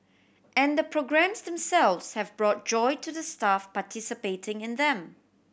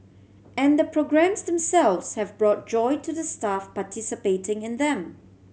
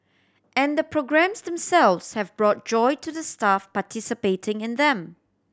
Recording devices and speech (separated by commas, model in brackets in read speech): boundary microphone (BM630), mobile phone (Samsung C7100), standing microphone (AKG C214), read sentence